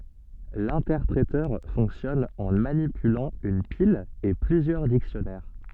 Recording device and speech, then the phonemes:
soft in-ear microphone, read sentence
lɛ̃tɛʁpʁetœʁ fɔ̃ksjɔn ɑ̃ manipylɑ̃ yn pil e plyzjœʁ diksjɔnɛʁ

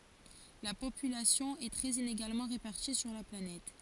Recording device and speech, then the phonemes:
forehead accelerometer, read sentence
la popylasjɔ̃ ɛ tʁɛz ineɡalmɑ̃ ʁepaʁti syʁ la planɛt

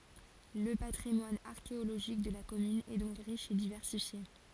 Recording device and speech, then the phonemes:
forehead accelerometer, read sentence
lə patʁimwan aʁkeoloʒik də la kɔmyn ɛ dɔ̃k ʁiʃ e divɛʁsifje

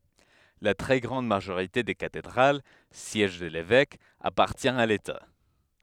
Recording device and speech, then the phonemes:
headset microphone, read sentence
la tʁɛ ɡʁɑ̃d maʒoʁite de katedʁal sjɛʒ də levɛk apaʁtjɛ̃ a leta

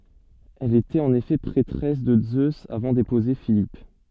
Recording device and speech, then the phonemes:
soft in-ear microphone, read sentence
ɛl etɛt ɑ̃n efɛ pʁɛtʁɛs də zøz avɑ̃ depuze filip

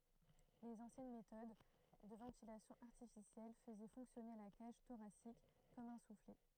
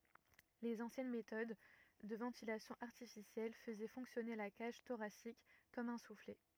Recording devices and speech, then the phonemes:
throat microphone, rigid in-ear microphone, read sentence
lez ɑ̃sjɛn metɔd də vɑ̃tilasjɔ̃ aʁtifisjɛl fəzɛ fɔ̃ksjɔne la kaʒ toʁasik kɔm œ̃ suflɛ

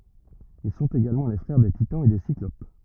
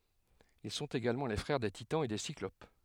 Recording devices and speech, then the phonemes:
rigid in-ear microphone, headset microphone, read sentence
il sɔ̃t eɡalmɑ̃ le fʁɛʁ de titɑ̃z e de siklop

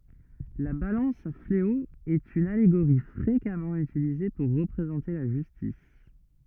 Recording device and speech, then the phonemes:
rigid in-ear microphone, read sentence
la balɑ̃s a fleo ɛt yn aleɡoʁi fʁekamɑ̃ ytilize puʁ ʁəpʁezɑ̃te la ʒystis

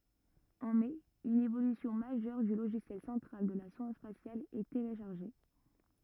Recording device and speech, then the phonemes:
rigid in-ear microphone, read sentence
ɑ̃ mɛ yn evolysjɔ̃ maʒœʁ dy loʒisjɛl sɑ̃tʁal də la sɔ̃d spasjal ɛ teleʃaʁʒe

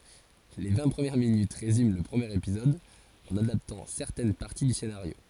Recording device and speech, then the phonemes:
forehead accelerometer, read sentence
le vɛ̃ pʁəmjɛʁ minyt ʁezym lə pʁəmjeʁ epizɔd ɑ̃n adaptɑ̃ sɛʁtɛn paʁti dy senaʁjo

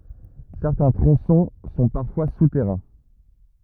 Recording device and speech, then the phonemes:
rigid in-ear microphone, read sentence
sɛʁtɛ̃ tʁɔ̃sɔ̃ sɔ̃ paʁfwa sutɛʁɛ̃

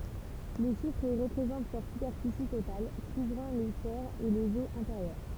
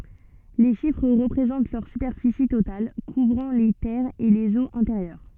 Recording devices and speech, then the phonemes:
temple vibration pickup, soft in-ear microphone, read sentence
le ʃifʁ ʁəpʁezɑ̃t lœʁ sypɛʁfisi total kuvʁɑ̃ le tɛʁz e lez oz ɛ̃teʁjœʁ

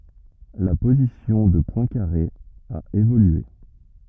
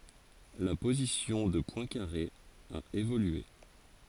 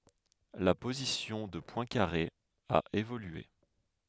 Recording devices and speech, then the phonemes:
rigid in-ear microphone, forehead accelerometer, headset microphone, read sentence
la pozisjɔ̃ də pwɛ̃kaʁe a evolye

